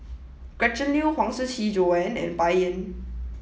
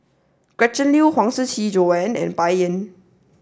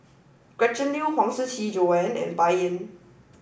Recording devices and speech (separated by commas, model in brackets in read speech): mobile phone (iPhone 7), standing microphone (AKG C214), boundary microphone (BM630), read sentence